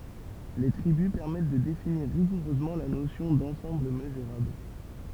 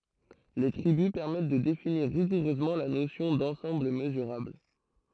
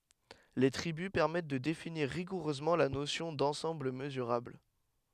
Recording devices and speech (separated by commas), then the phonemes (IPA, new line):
temple vibration pickup, throat microphone, headset microphone, read sentence
le tʁibys pɛʁmɛt də definiʁ ʁiɡuʁøzmɑ̃ la nosjɔ̃ dɑ̃sɑ̃bl məzyʁabl